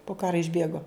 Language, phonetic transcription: Lithuanian, po ˈkara išˈbėgo

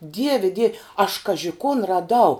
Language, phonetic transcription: Lithuanian, ˈdieve diev' aš ˈkaži kun raˈdau

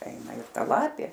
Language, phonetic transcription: Lithuanian, ˈeina ir ˈta ˈlapė

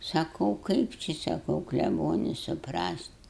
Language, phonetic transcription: Lithuanian, saˈkau ˈkaip či saˈkau kleˈboni suˈprast

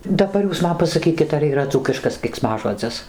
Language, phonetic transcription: Lithuanian, daˈbar ˈjūs ˈman pasaˈkykit ar yˈra ˈdzūkiškas keiksˈmažodzis

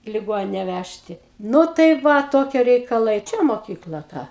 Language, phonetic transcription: Lithuanian, i liˈgonine ˈvæžti ˈnu tai ˈva ˈtokie reikaˈlai ˈčia moˈkykla ˈta

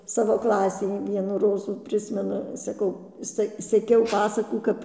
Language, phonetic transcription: Lithuanian, ˈsavo ˈklasei ˈvienų ˈrozų ˈprismenu saˈkau ˈse seˈkiau ˈpasakų ˈkap

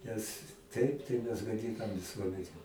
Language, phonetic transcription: Lithuanian, nes ˈtaip tai mes gaˈdinam viˈsuomene

